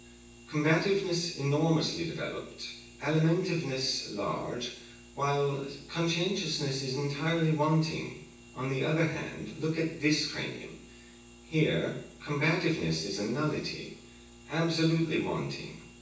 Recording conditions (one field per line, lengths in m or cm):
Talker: one person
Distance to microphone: 9.8 m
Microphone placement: far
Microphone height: 1.8 m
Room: large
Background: none